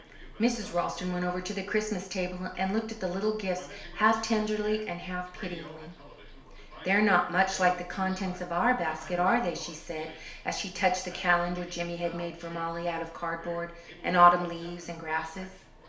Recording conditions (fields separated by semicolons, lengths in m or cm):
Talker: one person; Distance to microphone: 1.0 m; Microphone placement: close; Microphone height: 1.1 m; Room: small (3.7 m by 2.7 m); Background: television